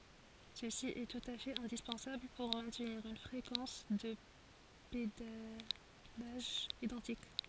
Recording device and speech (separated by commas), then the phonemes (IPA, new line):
forehead accelerometer, read sentence
səsi ɛ tut a fɛt ɛ̃dispɑ̃sabl puʁ mɛ̃tniʁ yn fʁekɑ̃s də pedalaʒ idɑ̃tik